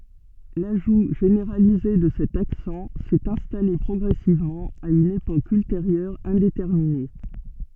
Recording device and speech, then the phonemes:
soft in-ear microphone, read sentence
laʒu ʒeneʁalize də sɛt aksɑ̃ sɛt ɛ̃stale pʁɔɡʁɛsivmɑ̃ a yn epok ylteʁjœʁ ɛ̃detɛʁmine

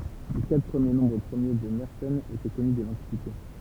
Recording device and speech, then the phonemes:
temple vibration pickup, read sentence
le katʁ pʁəmje nɔ̃bʁ pʁəmje də mɛʁsɛn etɛ kɔny dɛ lɑ̃tikite

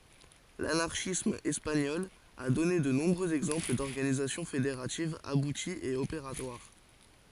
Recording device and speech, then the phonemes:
forehead accelerometer, read sentence
lanaʁʃism ɛspaɲɔl a dɔne də nɔ̃bʁøz ɛɡzɑ̃pl dɔʁɡanizasjɔ̃ fedeʁativz abutiz e opeʁatwaʁ

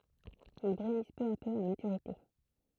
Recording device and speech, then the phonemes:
throat microphone, read sentence
il bʁynis pø a pø a matyʁite

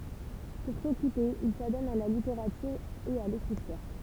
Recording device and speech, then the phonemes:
temple vibration pickup, read sentence
puʁ sɔkype il sadɔn a la liteʁatyʁ e a lekʁityʁ

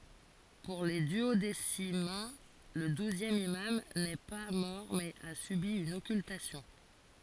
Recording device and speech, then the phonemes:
forehead accelerometer, read sentence
puʁ le dyodesimɛ̃ lə duzjɛm imam nɛ pa mɔʁ mɛz a sybi yn ɔkyltasjɔ̃

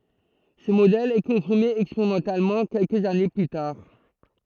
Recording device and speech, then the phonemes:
throat microphone, read sentence
sə modɛl ɛ kɔ̃fiʁme ɛkspeʁimɑ̃talmɑ̃ kɛlkəz ane ply taʁ

